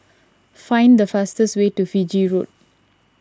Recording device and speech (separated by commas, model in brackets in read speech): standing microphone (AKG C214), read sentence